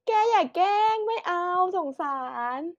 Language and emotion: Thai, happy